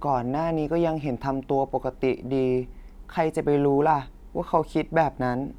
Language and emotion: Thai, neutral